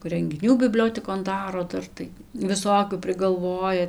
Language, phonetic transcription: Lithuanian, rengiˈnių biˈbliotekon ˈdaro ˈdar tai viˈsokių prigalˈvoja

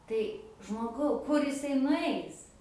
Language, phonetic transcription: Lithuanian, tai žmoˈgau kur jiˈsai nuˈais

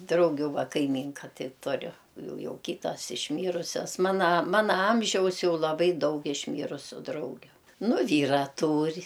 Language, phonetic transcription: Lithuanian, ˈdraugiu ˈva ˈkaimˈynka ˈtai tuˈriu ˈjau ˈjau ˈkytas išˈmyrusias ˈmana ˈmana ˈamžiaus ˈjau laˈbai ˈdaug išˈmyrusiu ˈdraugiu ˈnu ˈvyra ˈtūr'

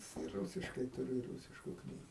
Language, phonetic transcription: Lithuanian, i ˈrūsiškai tuˈriu ir ˈrūsišku ˈknygu

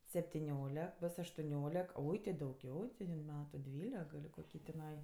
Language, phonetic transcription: Lithuanian, septiˈniolek ˈbos aštuˈniolek ˈoi ti dauˈgiau ti in ˈmetu ˈdvylek gal' koˈkį tiˈnai

